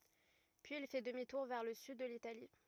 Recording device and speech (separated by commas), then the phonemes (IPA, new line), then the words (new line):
rigid in-ear microphone, read sentence
pyiz il fɛ dəmi tuʁ vɛʁ lə syd də litali
Puis il fait demi-tour vers le sud de l'Italie.